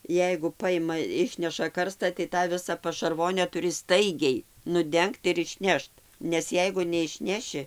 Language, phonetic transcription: Lithuanian, ˈjeigu paˈjima ˈišneša ˈkarsta tai tą ˈvisa pašarˈvone tuˈri ˈstaigiai nuˈdengt ir išˈnešt nes ˈjeigu neišˈneši

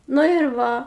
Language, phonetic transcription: Lithuanian, ˈnu ir ˈva

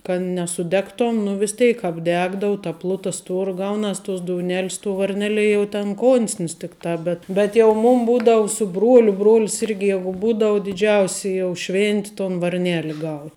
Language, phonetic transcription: Lithuanian, kad nesuˈdegton nu vis ˈteik apˈdegdau ta ˈpluta ˈstuora ˈgaunas tuos douˈnelis tuo varˈnelie jau ten ˈkonsnis ˈtikˌtā ˈbet bet jau ˈmūm ˈbūdavu su ˈbruoliu ˈbruol's ˈirgi ˈjegu ˈbūdavu diˈdžiausi jau ˈšvinti ton varˈnėli gau

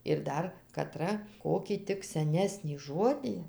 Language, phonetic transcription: Lithuanian, ir ˈdar kaˈtra ˈkokį ˈtik seˈnesnį ˈžodį

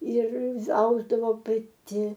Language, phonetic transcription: Lithuanian, ˈir ˈausdavo paˈti

